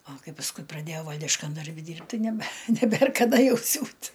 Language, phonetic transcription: Lithuanian, a ˈkai pasˈkui praˈdėjau ˈvaldiškan darˈbi ˈdyrbt' ˈtai nebe neˈbėr kaˈda ˈjau ˈsiūt

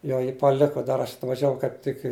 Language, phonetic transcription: Lithuanian, ˈjo ji paˈliku ˈdar aš atvažiaˈvau kaip ˈtik i

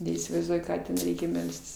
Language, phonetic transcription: Lithuanian, neįsivaizˈduoju ˈką ten ˈreikia ˈmelstis

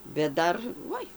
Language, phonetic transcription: Lithuanian, bet ˈdar ˈvoi

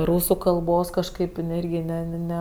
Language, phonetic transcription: Lithuanian, ˈrūsu kalˈbos kažˈkaip iˈnai ˈirgi ˈne ne ˈne

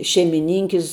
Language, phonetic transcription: Lithuanian, šeimiˈninkis

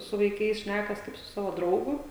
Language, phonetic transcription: Lithuanian, su vaiˈkais ˈšnækas ˈkaip su ˈsavo ˈdraugu

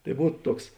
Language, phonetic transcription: Lithuanian, tai ˈbūt ˈtuoks

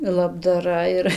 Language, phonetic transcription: Lithuanian, labdaˈra ir

